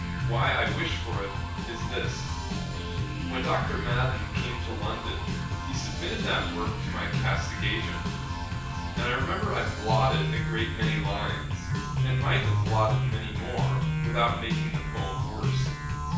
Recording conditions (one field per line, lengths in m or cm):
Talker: one person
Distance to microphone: 9.8 m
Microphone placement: far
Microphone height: 1.8 m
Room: large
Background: music